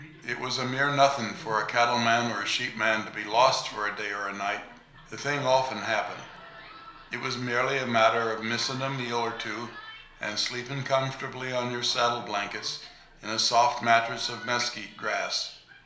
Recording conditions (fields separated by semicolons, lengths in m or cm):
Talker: one person; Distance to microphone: 1.0 m; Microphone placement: close; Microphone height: 1.1 m; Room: small (3.7 m by 2.7 m); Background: television